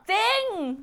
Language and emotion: Thai, happy